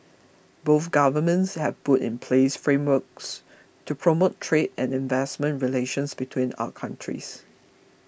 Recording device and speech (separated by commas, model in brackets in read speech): boundary microphone (BM630), read sentence